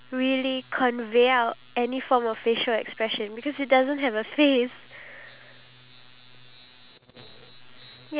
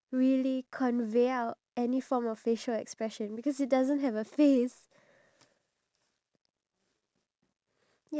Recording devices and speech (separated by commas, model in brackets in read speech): telephone, standing microphone, conversation in separate rooms